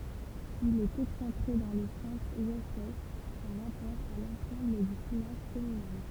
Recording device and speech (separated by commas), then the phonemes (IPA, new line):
temple vibration pickup, read sentence
il ɛt ɛksɑ̃tʁe dɑ̃ lə sɑ̃s wɛst ɛ paʁ ʁapɔʁ a lɑ̃sɑ̃bl dy finaʒ kɔmynal